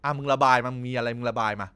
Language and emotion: Thai, frustrated